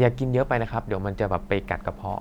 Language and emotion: Thai, neutral